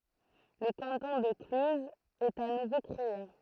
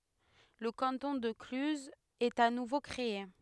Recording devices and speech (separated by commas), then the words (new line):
throat microphone, headset microphone, read sentence
Le canton de Cluses est à nouveau créé.